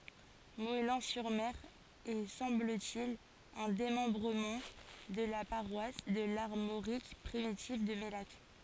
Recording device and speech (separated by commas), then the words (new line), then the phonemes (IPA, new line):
forehead accelerometer, read sentence
Moëlan-sur-Mer est, semble-t-il, un démembrement de la paroisse de l'Armorique primitive de Mellac.
mɔɛlɑ̃ syʁ mɛʁ ɛ sɑ̃bl te il œ̃ demɑ̃bʁəmɑ̃ də la paʁwas də laʁmoʁik pʁimitiv də mɛlak